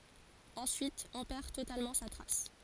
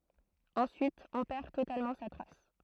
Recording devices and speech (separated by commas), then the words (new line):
forehead accelerometer, throat microphone, read sentence
Ensuite, on perd totalement sa trace.